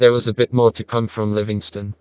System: TTS, vocoder